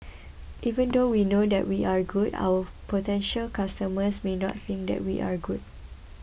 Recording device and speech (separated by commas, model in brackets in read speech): boundary microphone (BM630), read sentence